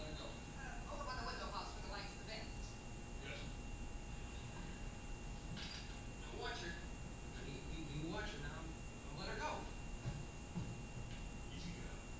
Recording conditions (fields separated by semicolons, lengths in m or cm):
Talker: no one; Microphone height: 1.0 m; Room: large; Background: television